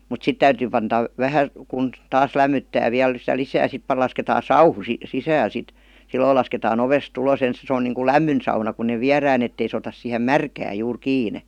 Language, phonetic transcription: Finnish, 'silloil lasketaa'n ‿ovest 'ulos 'ens , se on niiŋkul "lämmyn sauna kun̆ ne "viär̀ään ‿ettei sᵉ otas sìhem "märkääj 'juur 'kiine .
- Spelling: silloin lasketaan ovesta ulos ensin se on niin kuin lämmin sauna kun ne viedään että ei se ota siihen märkään juuri kiinni

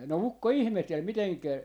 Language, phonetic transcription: Finnish, no 'ukko "ihmehtel 'miteŋkä ,.
- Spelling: no ukko ihmetteli miten

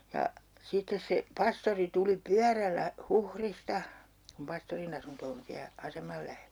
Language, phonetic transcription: Finnish, ja , 'sittes se , 'pastori tuli "pyärällä , "Huhrista , kum 'pastorin ‿asunto on 'siä , 'asemal lähellÄ .
- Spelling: ja sitten se pastori tuli pyörällä Huhdista kun pastorin asunto on siellä aseman lähellä

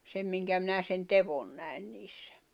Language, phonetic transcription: Finnish, 'sem miŋkä minä sen "tevon 'nä̀i̬n niissᴀ̈ .
- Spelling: sen minkä minä sen teon näin niissä

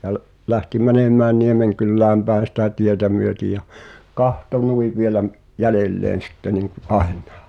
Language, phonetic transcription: Finnish, ja l- , 'lähti "mänem̆mään 'Niemeŋkyllääm pä̀en̬ sitä 'tietä myöti ja , "kahto 'nui vielä m- , 'jälelleen̬ sitte niŋku’ "’ài̬nnᴀᴀ .
- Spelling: ja - lähti menemään Niemenkylään päin sitä tietä myöten ja katsoi noin vielä - jäljelleen sitten niin kuin aina

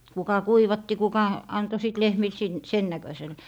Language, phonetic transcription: Finnish, kuka "kuivatti kuka , 'anto sìt 'lehmil sin - "sen 'näkösel .
- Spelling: kuka kuivatti kuka antoi sitten lehmille - sen näköiselle

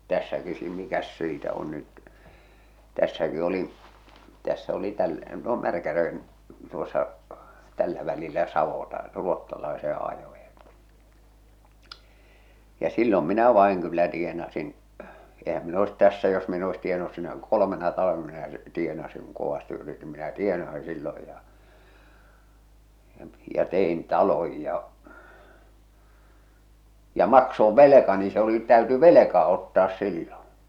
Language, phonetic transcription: Finnish, 'tässäki sii- , mikäs 'siitä on nyt , "tässäki olin̬ , 'tässä oli 'täl- , no 'Märkäʲᵃ̈rven tuossa , tällä välillä "savota , 'ruottalaeseḛ 'ajojᴀ , ja "sillom minä 'vài̬ŋ kyllä 'tienasin , ehäm mi'n ‿oes 'tässä jos min ‿e oes tienanus sinä 'kolomena talᵃvena minä , 'tienasiŋ kuŋ 'kovasti yritim minä 'tienasɪ 'silloj ja , ja ja 'te₍in "taloj ja , ja "maksov "velekani se ‿oli , täyty "veleka ottaas silloo̰ .
- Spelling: tässäkin - mikäs siitä on nyt tässäkin olin tässä oli - no Märkäjärven tuossa tällä välillä savotan ruotsalaisen ajoon ja silloin minä vain kyllä tienasin eihän minä olisi tässä jos minä en olisi tienannut sinä kolmena talvena minä tienasin kun kovasti yritin minä tienasin silloin ja ja ja tein talon ja ja maksoin velkani se oli täytyi velka ottaa silloin

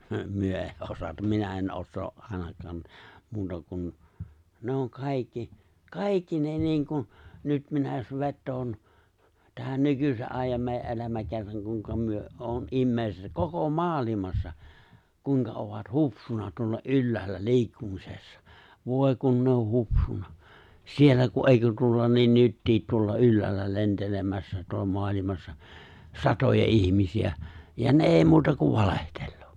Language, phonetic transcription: Finnish, 'myö ei 'osatam 'minä en 'ossoo’ '’àenak̀aan , muuta kun , 'ne oŋ "kàikki , "kàikki ne 'niiŋkun̬ , 'nyt minä jos 'vettoon , tähän 'nykyse’ '’àijjam mèijä’ '’elämäkerraŋ kuⁱŋka myö '’oon '’immeiset 'koko "maalimassa , 'kuiŋka ovat "hupsuna tuolla "’ylläällä "li̬ikkumisessa , 'vòe kun ne o 'hupsuna , 'siellä ku '’èikö tuolla lien 'nyttiit tuolla 'ylläällä 'lentelemässä tuolla 'moalimassᴀ , "satoja '’ihmisi₍ä , ja "ne '’èi 'muuta kuv "valehteʟʟᴏᴏ .
- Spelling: me ei osata minä en osaa ainakaan muuta kuin ne on kaikki kaikki ne niin kuin nyt minä jos vetoan tähän nykyisen ajan meidän elämäkerran kuinka me on ihmiset koko maailmassa kuinka ovat hupsuna tuolla ylhäällä liikkumisessa voi kun ne on hupsuna siellä kun eikö tuolla lie nytkin tuolla ylhäällä lentelemässä tuolla maailmassa satoja ihmisiä ja ne ei muuta kuin valehtelee

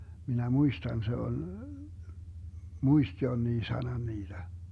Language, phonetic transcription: Finnish, minä "muistan se ol , "muist 'jonnii 'sanan 'niiDä .
- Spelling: minä muistan se oli muisti jonkin sanan niitä

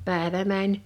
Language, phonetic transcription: Finnish, 'pä̀evä 'mäń .
- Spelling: päivä meni

